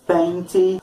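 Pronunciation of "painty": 'Paint' is pronounced incorrectly here: its end is overpronounced, so the ending sounds like an extra syllable.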